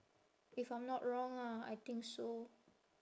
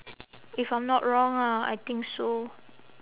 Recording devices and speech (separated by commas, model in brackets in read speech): standing microphone, telephone, conversation in separate rooms